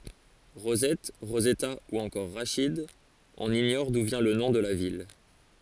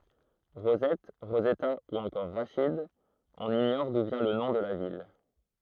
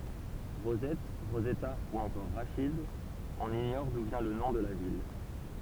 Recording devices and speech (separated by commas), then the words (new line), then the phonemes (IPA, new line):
forehead accelerometer, throat microphone, temple vibration pickup, read sentence
Rosette, Rosetta ou encore Rachid, on ignore d’où vient le nom de la ville.
ʁozɛt ʁozɛta u ɑ̃kɔʁ ʁaʃid ɔ̃n iɲɔʁ du vjɛ̃ lə nɔ̃ də la vil